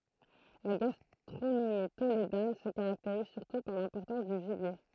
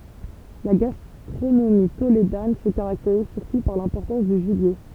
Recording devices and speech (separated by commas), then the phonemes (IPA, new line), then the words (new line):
throat microphone, temple vibration pickup, read sentence
la ɡastʁonomi toledan sə kaʁakteʁiz syʁtu paʁ lɛ̃pɔʁtɑ̃s dy ʒibje
La gastronomie tolédane se caractérise surtout par l'importance du gibier.